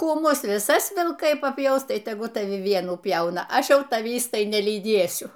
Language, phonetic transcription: Lithuanian, ˈkų ˈmus viˈsas vilˈkai paˈpjaus ˈtai teˈgul taˈvi ˈvienų ˈpjauna ˈaš ˈjau taˈvįs ˈtai nelyˈdėsiu

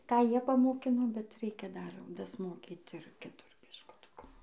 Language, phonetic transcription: Lithuanian, ˈką ˈjie pamoˈkino bet ˈreikia dar dasˈmokyt ir kiˈtur biškuˈtuku

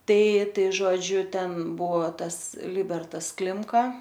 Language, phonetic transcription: Lithuanian, ˈtai ˈtai žoˈdžiu ˈten ˈbuvo ˈtas ˈlibertas ˈklimka

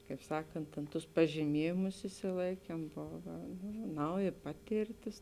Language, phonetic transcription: Lithuanian, kaip ˈsakant tėn ˈtus pažyˈmiejimus išsiˈlaikiem ˈbova ˈnauˌji ˈpatėrˌtis

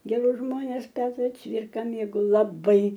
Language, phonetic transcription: Lithuanian, geˈrus ˈžmones ˈpetra ˈcvirka mėgau laˈbai

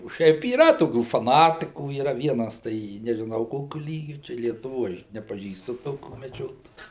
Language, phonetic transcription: Lithuanian, o ˈšiaip yˈra toˈkių faˈnatikų yˈra ˈvienas tai nežiˈnau ˈkokiu ˈlygiu tai lietuˈvo ˈaš nepaˈžįstu ˈtokių meˈdžiotojų

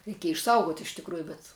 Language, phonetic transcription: Lithuanian, reiˈkieja išˈsaugot' iš tikˈrųju bet

